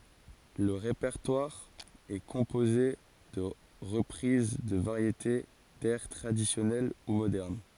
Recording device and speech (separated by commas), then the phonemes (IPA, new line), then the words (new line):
forehead accelerometer, read sentence
lə ʁepɛʁtwaʁ ɛ kɔ̃poze də ʁəpʁiz də vaʁjete dɛʁ tʁadisjɔnɛl u modɛʁn
Le répertoire est composé de reprises de variétés, d'airs traditionnels ou modernes.